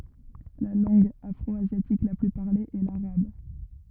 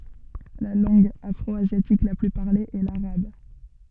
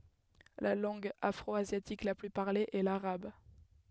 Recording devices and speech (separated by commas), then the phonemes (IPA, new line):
rigid in-ear microphone, soft in-ear microphone, headset microphone, read sentence
la lɑ̃ɡ afʁɔazjatik la ply paʁle ɛ laʁab